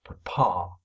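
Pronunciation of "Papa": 'Papa' is said the English way, with the stress on the second syllable. The first syllable is just a stutter on the p, with a schwa sound.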